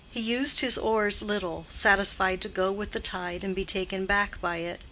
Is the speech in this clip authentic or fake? authentic